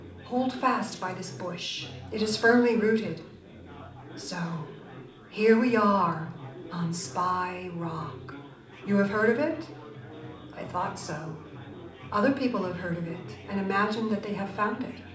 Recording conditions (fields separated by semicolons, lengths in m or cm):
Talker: one person; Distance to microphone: 2.0 m; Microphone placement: close; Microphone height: 99 cm; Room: medium-sized (5.7 m by 4.0 m); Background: babble